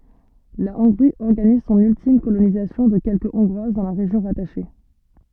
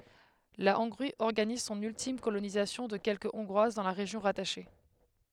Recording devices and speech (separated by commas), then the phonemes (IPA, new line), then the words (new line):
soft in-ear microphone, headset microphone, read sentence
la ɔ̃ɡʁi ɔʁɡaniz sɔ̃n yltim kolonizasjɔ̃ də kɛlkə ɔ̃ɡʁwaz dɑ̃ la ʁeʒjɔ̃ ʁataʃe
La Hongrie organise son ultime colonisation de quelque hongroises dans la région rattachée.